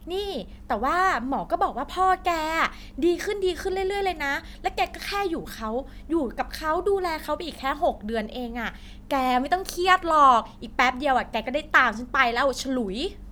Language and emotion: Thai, happy